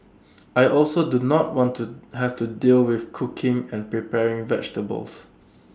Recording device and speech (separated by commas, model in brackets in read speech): standing microphone (AKG C214), read sentence